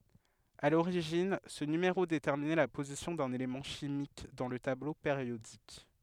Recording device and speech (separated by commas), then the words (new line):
headset microphone, read sentence
À l'origine, ce numéro déterminait la position d'un élément chimique dans le tableau périodique.